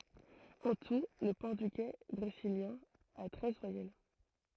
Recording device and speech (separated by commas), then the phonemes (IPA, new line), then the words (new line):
throat microphone, read sentence
ɑ̃ tu lə pɔʁtyɡɛ bʁeziljɛ̃ a tʁɛz vwajɛl
En tout, le portugais brésilien a treize voyelles.